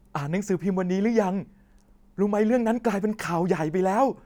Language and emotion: Thai, happy